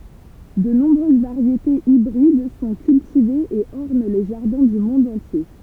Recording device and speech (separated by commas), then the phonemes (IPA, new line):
temple vibration pickup, read sentence
də nɔ̃bʁøz vaʁjetez ibʁid sɔ̃ kyltivez e ɔʁn le ʒaʁdɛ̃ dy mɔ̃d ɑ̃tje